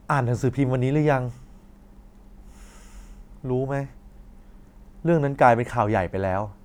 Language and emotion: Thai, frustrated